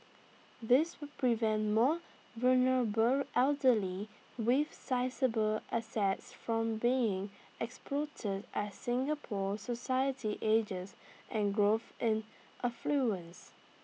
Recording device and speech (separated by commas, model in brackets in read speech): mobile phone (iPhone 6), read sentence